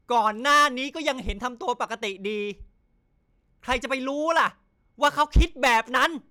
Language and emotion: Thai, angry